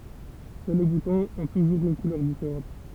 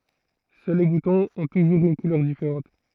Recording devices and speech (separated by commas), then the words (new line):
temple vibration pickup, throat microphone, read sentence
Seuls les boutons ont toujours une couleur différente.